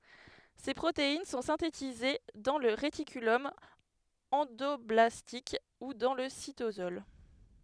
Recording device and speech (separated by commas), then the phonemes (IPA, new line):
headset microphone, read sentence
se pʁotein sɔ̃ sɛ̃tetize dɑ̃ lə ʁetikylɔm ɑ̃dɔblastik u dɑ̃ lə sitosɔl